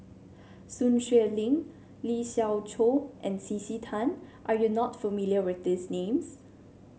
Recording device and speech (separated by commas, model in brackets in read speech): mobile phone (Samsung C7), read sentence